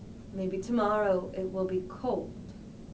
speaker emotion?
neutral